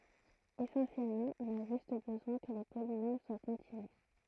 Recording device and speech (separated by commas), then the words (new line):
throat microphone, read sentence
Essentiellement, on a juste besoin que les polynômes soient continus.